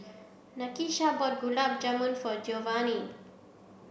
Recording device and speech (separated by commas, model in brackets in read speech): boundary microphone (BM630), read sentence